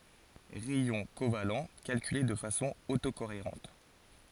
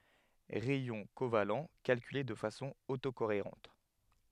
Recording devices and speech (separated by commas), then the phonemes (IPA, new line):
forehead accelerometer, headset microphone, read sentence
ʁɛjɔ̃ koval kalkyle də fasɔ̃ oto koeʁɑ̃t